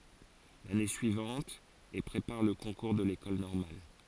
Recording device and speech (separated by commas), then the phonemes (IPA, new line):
forehead accelerometer, read sentence
lane syivɑ̃t e pʁepaʁ lə kɔ̃kuʁ də lekɔl nɔʁmal